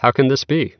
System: none